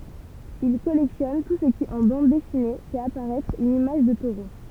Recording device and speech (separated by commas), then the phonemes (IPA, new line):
temple vibration pickup, read sentence
il kɔlɛktjɔn tu sə ki ɑ̃ bɑ̃d dɛsine fɛt apaʁɛtʁ yn imaʒ də toʁo